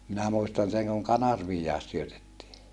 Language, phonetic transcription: Finnish, minä muistan seŋ kuŋ kanarviijjàes syötettii .
- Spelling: minä muistan sen kun kanerviakin syötettiin

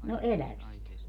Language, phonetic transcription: Finnish, no "eläviist .
- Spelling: no elävistä

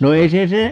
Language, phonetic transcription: Finnish, no 'ei se 'se ,.
- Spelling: no ei se se

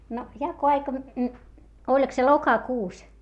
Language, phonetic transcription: Finnish, no , jako₍aika , oĺk se lokakuus ?
- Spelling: no jakoaika oliko se lokakuussa

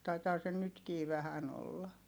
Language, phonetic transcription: Finnish, taitaa se nytkii vähän ‿olla .
- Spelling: taitaa se nytkin vähän olla

